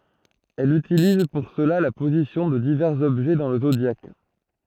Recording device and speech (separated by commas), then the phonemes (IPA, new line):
throat microphone, read sentence
ɛl ytiliz puʁ səla la pozisjɔ̃ də divɛʁz ɔbʒɛ dɑ̃ lə zodjak